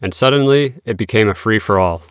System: none